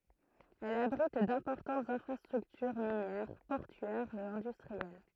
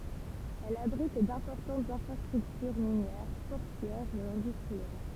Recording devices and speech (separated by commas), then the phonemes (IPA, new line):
throat microphone, temple vibration pickup, read sentence
ɛl abʁit dɛ̃pɔʁtɑ̃tz ɛ̃fʁastʁyktyʁ minjɛʁ pɔʁtyɛʁz e ɛ̃dystʁiɛl